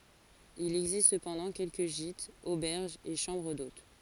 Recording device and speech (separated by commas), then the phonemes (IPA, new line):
forehead accelerometer, read sentence
il ɛɡzist səpɑ̃dɑ̃ kɛlkə ʒitz obɛʁʒz e ʃɑ̃bʁ dot